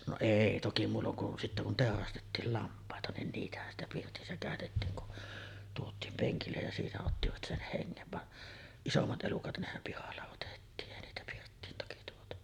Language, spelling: Finnish, no ei toki muulloin kuin sitten kun teurastettiin lampaita niin niitähän sitä pirtissä käytettiin kun tuotiin penkille ja siinä ottivat sen hengen vaan isommat elukat nehän pihalla otettiin ei niitä pirttiin toki tuotu
- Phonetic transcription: no "èi toki 'muulloŋ kun 'sittä kun 'tèorastettiil "lamp̀àeta , nin 'niitähän ‿stä 'pirtissä kä̀ötettiiŋ kun , 'tuot̆tiim 'peŋkillej ja siinä ottivat "sen "heŋŋev van , 'isommat '’elukat "nehäm pihalla otettiin , 'èi niitä pirttiin toki tuotu .

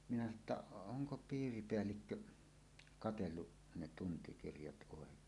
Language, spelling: Finnish, minä sanoin että onko piiripäällikkö katsellut ne tuntikirjat oikein
- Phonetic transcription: minä sano ‿tta , » "oŋko 'piiripeällikkö , 'katellu , ne tuntikirjat 'ˀòek̀een « .

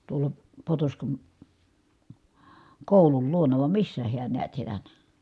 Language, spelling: Finnish, tuolla Potoskan koulun luona vai missä hän näet siellä
- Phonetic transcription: tuola , Potoskan , kòulul luona vam missä hiän niät sielä .

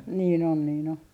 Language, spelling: Finnish, niin on niin on
- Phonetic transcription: niin ‿on niin ‿o .

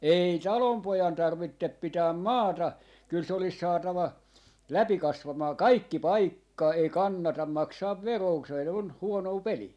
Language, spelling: Finnish, ei talonpojan tarvitse pitää maata kyllä se olisi saatava läpi kasvamaan kaikki paikka ei kannata maksaa veroa - se on huonoa peliä
- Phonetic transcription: 'ei "talompojan 'tarvittep 'pitääm "maata , 'kyl se olis 'saatava , 'läpi 'kasvamaa "kaikki "paikka , ei 'kannatam 'maksaav 'veroo ‿k- , se on , 'huonoo "pelii .

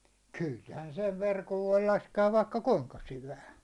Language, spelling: Finnish, kyllähän sen verkon voi laskea vaikka kuinka syvään
- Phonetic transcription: khylhän sev 'verkov voi 'laske₍av vaikka "kuŋka 'syvää .

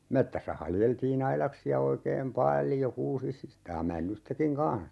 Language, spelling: Finnish, metsässä haljeltiin aidaksia oikein paljon kuusista ja männystäkin kanssa
- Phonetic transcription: 'mettässä 'haljeltii"n ‿ailaksi₍a 'oikeem "pal̀jo 'kuusi(si)sta (ja) 'männystäkiŋ "kans .

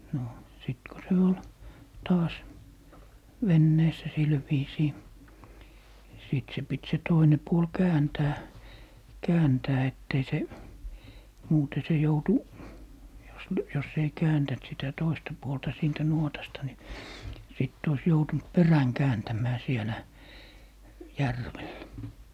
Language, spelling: Finnish, no sitten kun se oli taas veneessä sillä viisiin sitten se piti se toinen puoli kääntää kääntää että ei se muuten se joutui jos - jos ei kääntänyt sitä toista puolta siitä nuotasta niin sitten olisi joutunut perän kääntämään siellä järvellä
- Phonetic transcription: no , 'sìt ko se 'ol , 'taas , "venneessä 'sil viisii , 'sìt se 'pit se 'toine 'puol "kääntää , "kääntää 'ett ‿ei se , 'muute se 'joutu , jos ly- , jos ‿ei 'kääntäⁿt sitä 'toista puolta siintä 'nuotasta , ni , sit ois 'joutunt "peräŋ "kääntäm̀ää 'sielä , "järvellᵃ̈ .

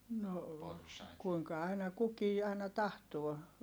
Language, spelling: Finnish, no kuinka aina kukin aina tahtoo
- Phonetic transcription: no , kuiŋka aina kukii ài̮na tahtuo .

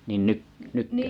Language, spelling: Finnish, niin - nytkö
- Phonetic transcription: niin 'nyk- 'nykkö ?

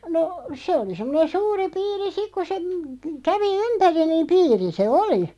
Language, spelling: Finnish, no se oli semmoinen suuri piiri sitten kun se - kävi ympäri niin piiri se oli
- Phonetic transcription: no , 'se oli 'semmᵒnen 'suuri 'piiri "sik ku se m- , 'kävi "ympäri niim 'piiri se "oli .

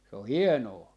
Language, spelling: Finnish, se on hienoa
- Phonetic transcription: 'se o "hienoo .

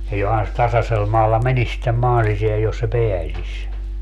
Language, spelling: Finnish, ja johan se tasaisella maalla menisi sitten maan sisään jos se pääsisi
- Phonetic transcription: ja 'johan se 'tasasel maalla "menis sittem 'maan siseäj jos se "peäsiś .

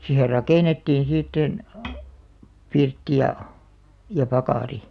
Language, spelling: Finnish, siihen rakennettiin sitten pirtti ja ja pakari
- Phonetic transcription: sihe "rakènettiin sìt̆§ten , 'pirtti ja , ja 'pakàri .

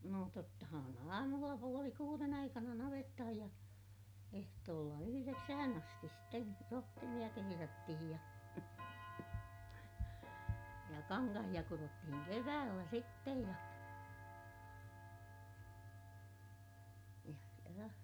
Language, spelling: Finnish, no tottahan aamulla puoli kuuden aikana navettaan ja ehtoolla yhdeksään asti sitten rohtimia kehrättiin ja ja kankaita kudottiin keväällä sitten ja ja ja
- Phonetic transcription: nò tottahan ‿aamulla puoli kuuren ‿aikana navettahaj ja , ehtoolla yhyreksähän ‿astis sten , rohtimiʲa keherättihij ja , ja kaŋkahiʲa kurottihiŋ keväällä sittej ja , ja ja .

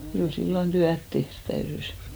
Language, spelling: Finnish, kyllä silloin työtä tehdä täytyi
- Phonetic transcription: kyl 'sillon "tyät 'tehrt täyrys .

